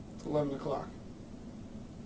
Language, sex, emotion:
English
male
neutral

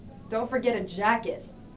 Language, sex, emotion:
English
female
disgusted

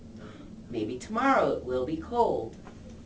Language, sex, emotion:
English
female
neutral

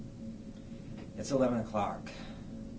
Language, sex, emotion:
English
male
neutral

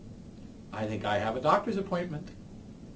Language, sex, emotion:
English
male
neutral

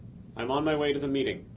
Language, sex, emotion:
English
male
neutral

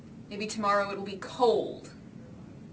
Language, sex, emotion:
English
female
disgusted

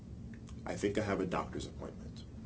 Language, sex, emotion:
English
male
neutral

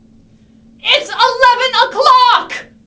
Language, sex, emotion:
English
female
angry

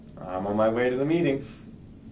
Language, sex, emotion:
English
male
happy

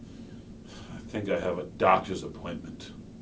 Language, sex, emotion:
English
male
disgusted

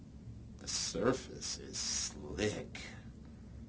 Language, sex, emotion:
English
male
disgusted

